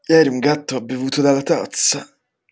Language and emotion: Italian, disgusted